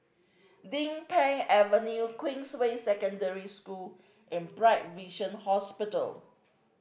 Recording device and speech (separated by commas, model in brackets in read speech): boundary microphone (BM630), read sentence